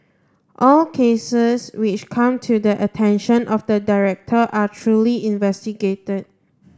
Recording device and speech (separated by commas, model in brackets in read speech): standing microphone (AKG C214), read sentence